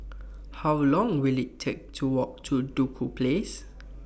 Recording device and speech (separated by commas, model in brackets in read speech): boundary microphone (BM630), read sentence